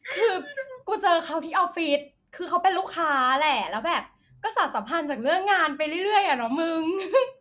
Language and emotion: Thai, happy